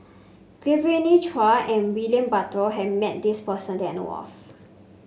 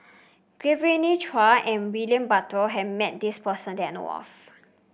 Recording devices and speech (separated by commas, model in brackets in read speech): mobile phone (Samsung C5), boundary microphone (BM630), read sentence